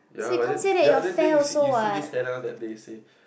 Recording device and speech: boundary microphone, conversation in the same room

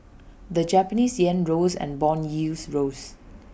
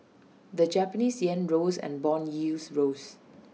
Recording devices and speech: boundary microphone (BM630), mobile phone (iPhone 6), read sentence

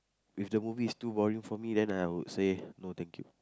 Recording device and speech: close-talking microphone, conversation in the same room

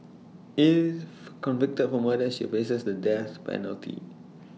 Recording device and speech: mobile phone (iPhone 6), read sentence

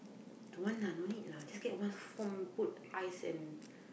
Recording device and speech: boundary microphone, conversation in the same room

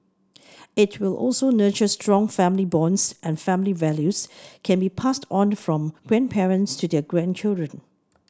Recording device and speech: standing microphone (AKG C214), read sentence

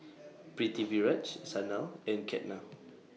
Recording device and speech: mobile phone (iPhone 6), read sentence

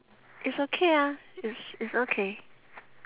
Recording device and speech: telephone, conversation in separate rooms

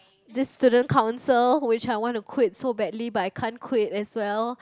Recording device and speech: close-talking microphone, conversation in the same room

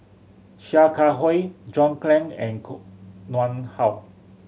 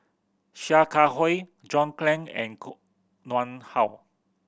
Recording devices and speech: mobile phone (Samsung C7100), boundary microphone (BM630), read sentence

